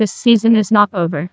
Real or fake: fake